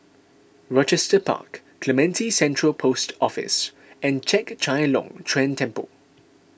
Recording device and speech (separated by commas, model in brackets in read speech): boundary microphone (BM630), read sentence